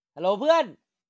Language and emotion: Thai, happy